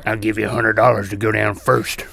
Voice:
raspy voice